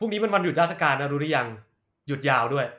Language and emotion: Thai, frustrated